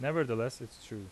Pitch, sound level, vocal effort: 120 Hz, 86 dB SPL, loud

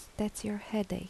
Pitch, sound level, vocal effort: 210 Hz, 74 dB SPL, soft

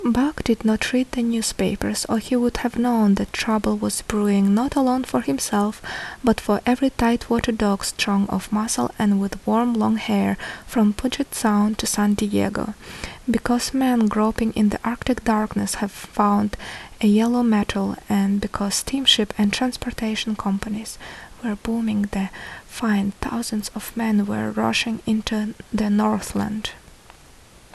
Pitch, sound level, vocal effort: 215 Hz, 71 dB SPL, soft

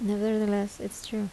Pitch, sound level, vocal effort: 210 Hz, 76 dB SPL, soft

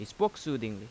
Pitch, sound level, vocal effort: 115 Hz, 87 dB SPL, loud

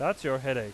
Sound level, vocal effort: 92 dB SPL, loud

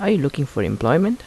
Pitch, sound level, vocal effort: 145 Hz, 80 dB SPL, soft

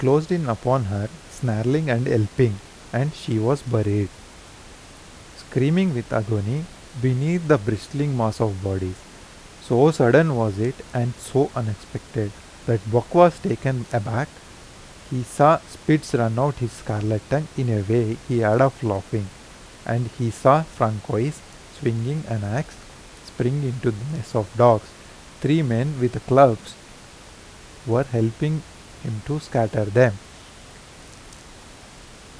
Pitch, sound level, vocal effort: 120 Hz, 84 dB SPL, normal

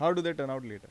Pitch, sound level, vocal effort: 140 Hz, 91 dB SPL, normal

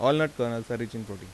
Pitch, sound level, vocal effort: 115 Hz, 87 dB SPL, normal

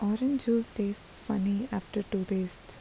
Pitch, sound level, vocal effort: 210 Hz, 77 dB SPL, soft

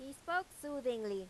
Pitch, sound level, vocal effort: 275 Hz, 95 dB SPL, very loud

